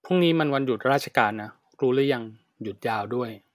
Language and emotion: Thai, frustrated